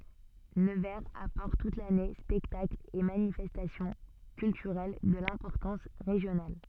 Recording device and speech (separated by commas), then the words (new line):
soft in-ear microphone, read sentence
Nevers apporte toute l'année spectacles et manifestations culturelles de l'importance régionale.